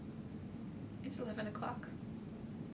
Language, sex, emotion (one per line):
English
female
neutral